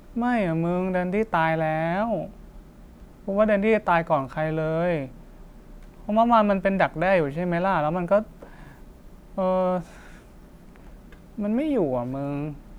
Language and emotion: Thai, sad